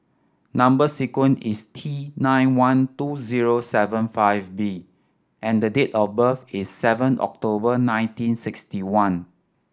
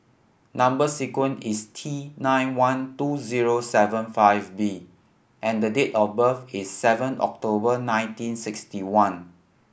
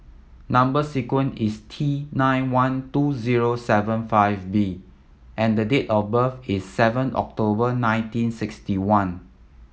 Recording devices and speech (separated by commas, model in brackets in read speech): standing microphone (AKG C214), boundary microphone (BM630), mobile phone (iPhone 7), read sentence